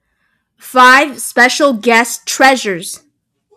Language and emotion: English, fearful